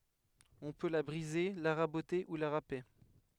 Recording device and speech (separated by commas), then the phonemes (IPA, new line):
headset microphone, read sentence
ɔ̃ pø la bʁize la ʁabote u la ʁape